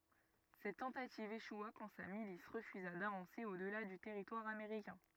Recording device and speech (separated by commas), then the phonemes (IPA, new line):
rigid in-ear microphone, read sentence
sɛt tɑ̃tativ eʃwa kɑ̃ sa milis ʁəfyza davɑ̃se o dəla dy tɛʁitwaʁ ameʁikɛ̃